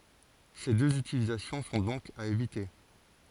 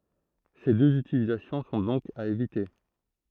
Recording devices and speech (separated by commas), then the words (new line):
forehead accelerometer, throat microphone, read sentence
Ces deux utilisations sont donc à éviter.